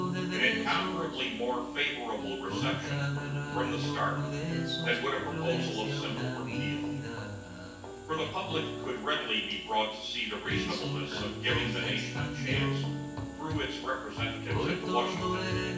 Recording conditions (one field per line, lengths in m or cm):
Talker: one person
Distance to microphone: 9.8 m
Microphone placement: far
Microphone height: 1.8 m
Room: large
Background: music